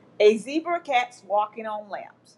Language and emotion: English, disgusted